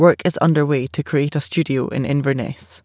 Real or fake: real